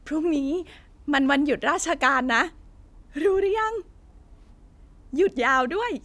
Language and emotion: Thai, happy